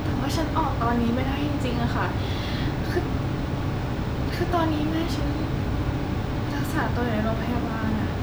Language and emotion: Thai, frustrated